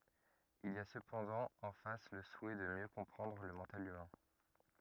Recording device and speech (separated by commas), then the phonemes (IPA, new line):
rigid in-ear microphone, read sentence
il i a səpɑ̃dɑ̃ ɑ̃ fas lə suɛ də mjø kɔ̃pʁɑ̃dʁ lə mɑ̃tal ymɛ̃